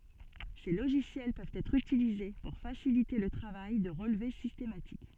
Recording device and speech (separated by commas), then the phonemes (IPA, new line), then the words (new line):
soft in-ear microphone, read sentence
se loʒisjɛl pøvt ɛtʁ ytilize puʁ fasilite lə tʁavaj də ʁəlve sistematik
Ces logiciels peuvent être utilisés pour faciliter le travail de relevé systématique.